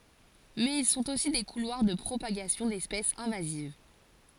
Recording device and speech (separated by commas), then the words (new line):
forehead accelerometer, read sentence
Mais ils sont aussi des couloirs de propagation d'espèces invasives.